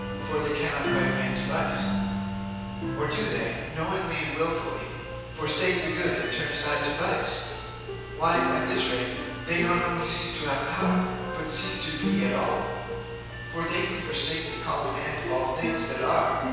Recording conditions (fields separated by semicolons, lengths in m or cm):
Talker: one person; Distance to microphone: 7.1 m; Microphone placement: far; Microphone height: 1.7 m; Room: very reverberant, large; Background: music